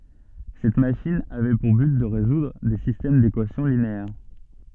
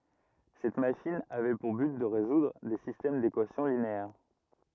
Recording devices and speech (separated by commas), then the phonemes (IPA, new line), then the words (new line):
soft in-ear microphone, rigid in-ear microphone, read sentence
sɛt maʃin avɛ puʁ byt də ʁezudʁ de sistɛm dekwasjɔ̃ lineɛʁ
Cette machine avait pour but de résoudre des systèmes d'équations linéaires.